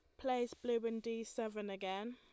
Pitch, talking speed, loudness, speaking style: 230 Hz, 185 wpm, -41 LUFS, Lombard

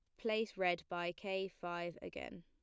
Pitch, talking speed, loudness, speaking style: 180 Hz, 160 wpm, -41 LUFS, plain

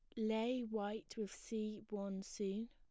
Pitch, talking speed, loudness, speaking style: 215 Hz, 145 wpm, -43 LUFS, plain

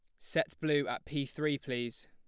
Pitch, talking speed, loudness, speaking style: 140 Hz, 190 wpm, -34 LUFS, plain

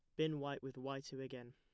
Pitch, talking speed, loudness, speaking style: 135 Hz, 270 wpm, -45 LUFS, plain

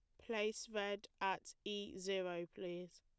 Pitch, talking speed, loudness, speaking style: 195 Hz, 130 wpm, -44 LUFS, plain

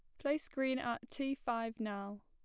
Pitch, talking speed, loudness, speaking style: 240 Hz, 175 wpm, -39 LUFS, plain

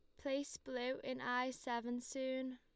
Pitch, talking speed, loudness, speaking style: 255 Hz, 155 wpm, -42 LUFS, Lombard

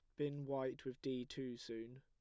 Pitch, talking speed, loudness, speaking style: 130 Hz, 200 wpm, -45 LUFS, plain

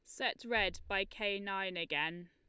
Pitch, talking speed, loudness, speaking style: 195 Hz, 175 wpm, -36 LUFS, Lombard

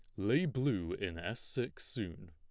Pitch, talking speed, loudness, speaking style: 105 Hz, 170 wpm, -37 LUFS, plain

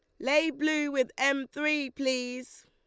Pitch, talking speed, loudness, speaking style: 275 Hz, 150 wpm, -29 LUFS, Lombard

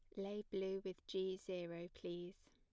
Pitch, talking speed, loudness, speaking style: 190 Hz, 155 wpm, -47 LUFS, plain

